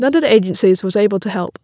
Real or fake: real